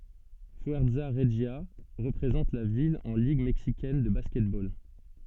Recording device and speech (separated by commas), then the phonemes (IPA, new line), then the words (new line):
soft in-ear microphone, read sentence
fyɛʁza ʁəʒja ʁəpʁezɑ̃t la vil ɑ̃ liɡ mɛksikɛn də baskɛtbol
Fuerza Regia représente la ville en Ligue mexicaine de basketball.